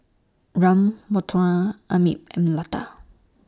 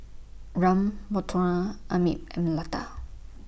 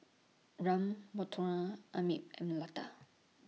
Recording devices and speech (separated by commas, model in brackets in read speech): standing microphone (AKG C214), boundary microphone (BM630), mobile phone (iPhone 6), read sentence